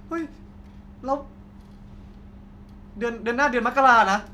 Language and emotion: Thai, happy